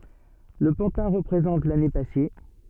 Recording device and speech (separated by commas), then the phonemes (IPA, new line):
soft in-ear microphone, read sentence
lə pɑ̃tɛ̃ ʁəpʁezɑ̃t lane pase